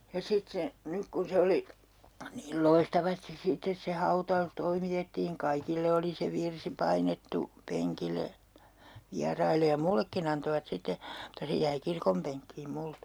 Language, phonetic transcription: Finnish, ja 'sit - se , 'nyk kun se 'oli , niil "loistavastis 'sittes se 'hauta₍us 'toimitettiiŋ "kaikille oli se 'virsi painettu , 'peŋkil̀e , 'viarail̀e ja "mullekkin ‿antovat 'sitte , mutta 'se jäi 'kirkompeŋkkiim 'multa .
- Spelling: ja sitten se nyt kun se oli niin loistavasti sitten se hautaus toimitettiin kaikille oli se virsi painettu penkille vieraille ja minullekin antoivat sitten mutta se jäi kirkonpenkkiin minulta

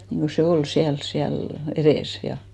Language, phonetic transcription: Finnish, niŋɢo se 'ol 'siäls 'siäl , 'erès ja .
- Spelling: niin kuin se oli siellä siellä edessä ja

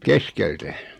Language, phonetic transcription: Finnish, keskeltä .
- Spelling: keskeltä

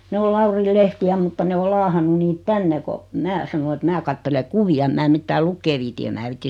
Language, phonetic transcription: Finnish, 'ne o 'Lauril 'lehti₍ä mutta 'ne o 'laahannu niit 'tänne ko , "mää sano et "mää kattele 'kuvi₍a ᵉm mää 'mittää "lukkee viiti em 'mää viit̆ti .
- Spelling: ne on Laurin lehtiä mutta ne on laahannut niitä tänne kun minä sanoin että minä katselen kuvia en minä mitään lukea viitsi en minä viitsi

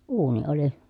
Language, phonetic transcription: Finnish, uuni oli .
- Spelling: uuni oli

